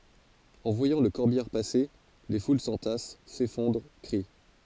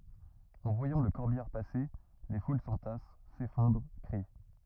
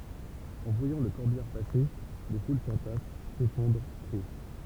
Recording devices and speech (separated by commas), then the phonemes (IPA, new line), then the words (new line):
forehead accelerometer, rigid in-ear microphone, temple vibration pickup, read sentence
ɑ̃ vwajɑ̃ lə kɔʁbijaʁ pase le ful sɑ̃tas sefɔ̃dʁ kʁi
En voyant le corbillard passer, les foules s'entassent, s'effondrent, crient.